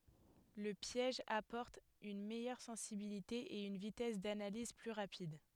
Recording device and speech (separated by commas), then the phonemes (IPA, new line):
headset microphone, read sentence
lə pjɛʒ apɔʁt yn mɛjœʁ sɑ̃sibilite e yn vitɛs danaliz ply ʁapid